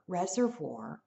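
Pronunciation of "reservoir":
In 'reservoir', the R is pronounced, not silent, and this pronunciation is fine.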